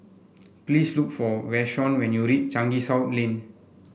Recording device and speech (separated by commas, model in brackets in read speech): boundary microphone (BM630), read sentence